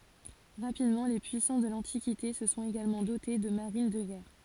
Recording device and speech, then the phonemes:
forehead accelerometer, read sentence
ʁapidmɑ̃ le pyisɑ̃s də lɑ̃tikite sə sɔ̃t eɡalmɑ̃ dote də maʁin də ɡɛʁ

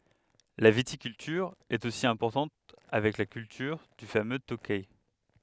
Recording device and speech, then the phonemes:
headset microphone, read sentence
la vitikyltyʁ ɛt osi ɛ̃pɔʁtɑ̃t avɛk la kyltyʁ dy famø tokɛ

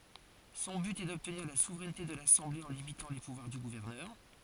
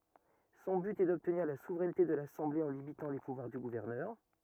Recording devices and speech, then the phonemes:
forehead accelerometer, rigid in-ear microphone, read sentence
sɔ̃ byt ɛ dɔbtniʁ la suvʁɛnte də lasɑ̃ble ɑ̃ limitɑ̃ le puvwaʁ dy ɡuvɛʁnœʁ

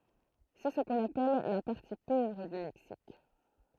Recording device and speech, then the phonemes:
throat microphone, read sentence
sɛ sə kɔ̃n apɛl la paʁti povʁ dy mɛksik

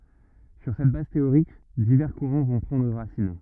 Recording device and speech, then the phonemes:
rigid in-ear microphone, read sentence
syʁ sɛt baz teoʁik divɛʁ kuʁɑ̃ vɔ̃ pʁɑ̃dʁ ʁasin

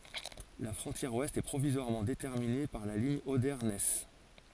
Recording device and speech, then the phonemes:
forehead accelerometer, read sentence
la fʁɔ̃tjɛʁ wɛst ɛ pʁovizwaʁmɑ̃ detɛʁmine paʁ la liɲ ode nɛs

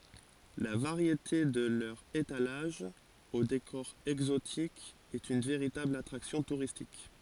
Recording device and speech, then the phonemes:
forehead accelerometer, read sentence
la vaʁjete də lœʁz etalaʒz o dekɔʁ ɛɡzotik ɛt yn veʁitabl atʁaksjɔ̃ tuʁistik

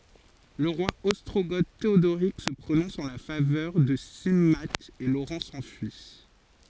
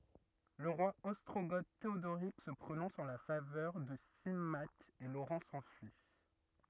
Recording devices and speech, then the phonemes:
forehead accelerometer, rigid in-ear microphone, read sentence
lə ʁwa ɔstʁoɡo teodoʁik sə pʁonɔ̃s ɑ̃ la favœʁ də simak e loʁɑ̃ sɑ̃fyi

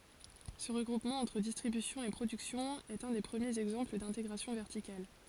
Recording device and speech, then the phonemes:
forehead accelerometer, read sentence
sə ʁəɡʁupmɑ̃ ɑ̃tʁ distʁibysjɔ̃ e pʁodyksjɔ̃ ɛt œ̃ de pʁəmjez ɛɡzɑ̃pl dɛ̃teɡʁasjɔ̃ vɛʁtikal

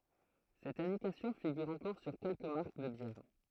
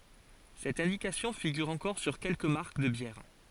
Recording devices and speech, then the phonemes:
throat microphone, forehead accelerometer, read sentence
sɛt ɛ̃dikasjɔ̃ fiɡyʁ ɑ̃kɔʁ syʁ kɛlkə maʁk də bjɛʁ

